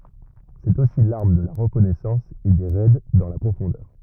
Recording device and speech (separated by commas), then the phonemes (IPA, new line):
rigid in-ear microphone, read sentence
sɛt osi laʁm də la ʁəkɔnɛsɑ̃s e de ʁɛd dɑ̃ la pʁofɔ̃dœʁ